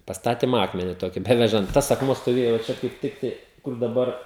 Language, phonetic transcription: Lithuanian, pasˈtatim ˈakmeni ˈtoki ˈbevežant ˈtas akˈmuo stoˈvėjo va ˈčia kaip ˈtiktai kur daˈbar

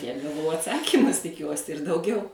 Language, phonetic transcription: Lithuanian, tiek gaˈvau atˈsakymus tiˈkiuosi ir dauˈgiau

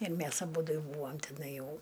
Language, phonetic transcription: Lithuanian, ir ˈmæs aˈbūdu jau ˈbūam tiˈnai ˈjau

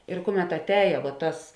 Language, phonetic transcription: Lithuanian, ir ˈkuˌmet atˈēja vuo ˈtas

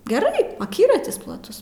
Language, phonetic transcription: Lithuanian, geˈrai aˈkyratis plaˈtus

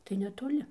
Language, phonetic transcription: Lithuanian, tai netoˈli

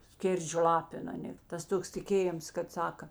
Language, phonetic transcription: Lithuanian, ˈskėrdžio ˈlapin aˈnė tas ˈtoks tiˈkėjims kad ˈsaka

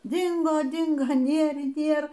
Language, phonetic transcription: Lithuanian, ˈdingo ˈdingo ˈnėr y ˈnėr

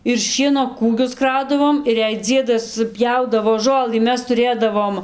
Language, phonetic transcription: Lithuanian, ir ˈšieno ˈkūgius ˈkraudavom ir jei ˈdziedas ˈpjaudavo ˈžolɨ ˈmes tuˈrėdavom

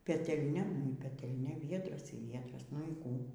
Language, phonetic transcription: Lithuanian, petelˈnia nu y petelˈnia ˈviedras y ˈviedras nu y ˈkų

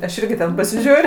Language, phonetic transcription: Lithuanian, aš ˈirgi ten pasiˈžiūr'

